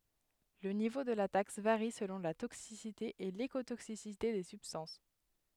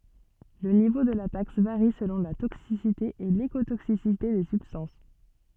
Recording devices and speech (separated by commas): headset microphone, soft in-ear microphone, read sentence